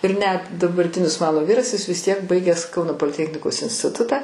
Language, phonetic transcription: Lithuanian, ir net dabarˈtinis ˈmano ˈvyras jis vis tiek ˈbaigęs ˈkauno poliˈtechnikos instiˈtutą

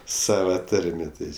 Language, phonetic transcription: Lithuanian, ˈsava ˈtarmė ˈtai

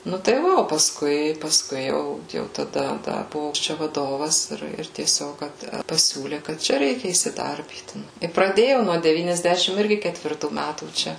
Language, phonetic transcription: Lithuanian, ˈnu tai ˈva o pasˈkui pasˈkui ˈjau ˈjau taˈda ˈda ˈbuvo ˈčia vaˈdovas ˈir ˈir tieˈsiog ˈkad paˈsiūlė kad ˈčia ˈreikia įsiˈdarbyt i praˈdėjau nuo devyniasˈdešim ˈirgi ketvirˈtų ˈmætų ˈčia

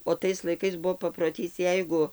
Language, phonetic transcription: Lithuanian, o ˈtais laiˈkais ˈbuvo paproˈtys ˈjeigu

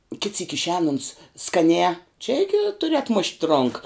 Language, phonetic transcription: Lithuanian, kit syk išˈēn uns skaˈnē čia ˈigi tuˈri atˈmušt' ˈronka

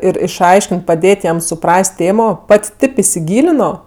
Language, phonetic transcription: Lithuanian, ir išˈaiškin't' paˈdėt' jam suˈpras't' ˈtėmo ˈpat' ˈtėp isiˈgylino

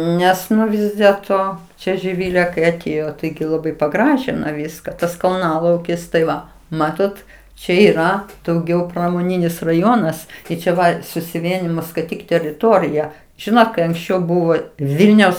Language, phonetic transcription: Lithuanian, ˈnes ˈnu ˈvis dėlˈto čia žiˈvilė kai aˈtėjo ˈtaigi laˈbai paˈgražino ˈvyska ˈtas kalˈnalaukis tai ˈva ˈmatot ˈčia yˈra dauˈgiau pramoˈninis raˈjonas ˈtai čia ˈva susiˈvienijimo skaiˈtyk teriˈtorija ˈžinot kai anksˈčiau ˈbuvo ˈvilniaus

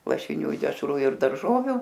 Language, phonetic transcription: Lithuanian, lašiˈnių i dešˈrų ir darˈžoviu

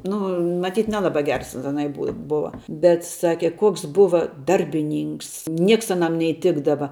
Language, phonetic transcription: Lithuanian, ˈnu maˈtyt ˈnelaba ˈgers aˈnai ˈbu ˈbua bet ˈsake ˈkoks ˈbuva ˈdarbiˌnynks ˈnieks aˈnam neiˈtikdava

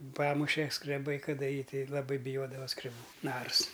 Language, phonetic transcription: Lithuanian, ˈpamuše skreˈbai kaˈda ˈjį ˈtei laˈbai biˈjodava skreˈbų ˈnars

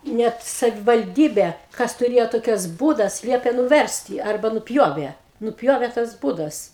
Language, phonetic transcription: Lithuanian, ˈnet savivalˈdybė ˈkas tuˈrėjo ˈtokias ˈbūdas ˈliepė nuˈversti ˈarba nuˈpjovė nuˈpjovė tas ˈbūdas

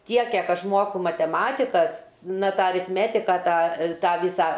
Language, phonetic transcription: Lithuanian, ˈtiek ˈkiek ˈaš ˈmuoku mateˈmatikas ˈna ˈtą aritˈmetika ˈtą ˈtą ˈvysą

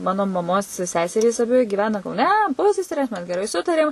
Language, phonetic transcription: Lithuanian, ˈmano maˈmos ˈseserys aˈbi giˈvena kauˈne ˈpuseserės ˈmes geˈrai ˈsutarėm

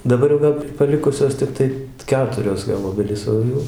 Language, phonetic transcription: Lithuanian, daˈbar jau ˈva paˈlikusios tikˈtai ˈketurios gal ˈobelys ˈo jau

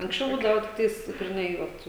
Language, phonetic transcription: Lithuanian, anksˈčiau ˈbūdava tikˈtais griˈnai ˈvat

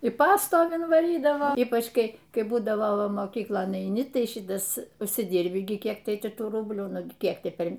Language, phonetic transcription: Lithuanian, i ˈpastovin vaˈrydava ˈypač ˈkai ˈkai ˈbūdavo ˈva moˈkyklon eiˈni ˈtai ˈšitas užsiˈdirbi gi ˈkiek ˈtai ˈti ˈtų ˈrublių ˈnugi ˈkiek ˈti ˈper

